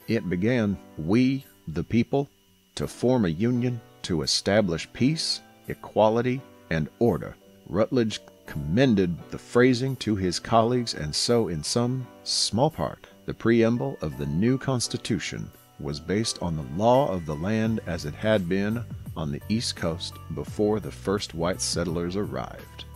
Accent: oddly southern US accent